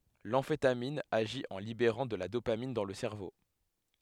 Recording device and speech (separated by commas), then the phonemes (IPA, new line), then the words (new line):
headset microphone, read sentence
lɑ̃fetamin aʒi ɑ̃ libeʁɑ̃ də la dopamin dɑ̃ lə sɛʁvo
L'amphétamine agit en libérant de la dopamine dans le cerveau.